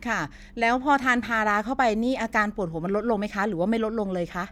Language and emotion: Thai, neutral